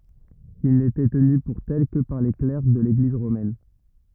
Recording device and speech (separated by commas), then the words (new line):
rigid in-ear microphone, read sentence
Ils n'étaient tenus pour tels que par les clercs de l'Église romaine.